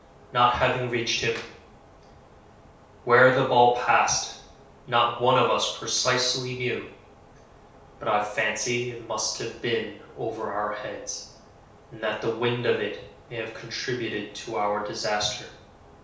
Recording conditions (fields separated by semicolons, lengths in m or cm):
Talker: one person; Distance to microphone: 3.0 m; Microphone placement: far; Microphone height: 1.8 m; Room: small (3.7 m by 2.7 m); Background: none